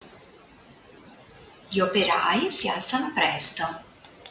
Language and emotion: Italian, neutral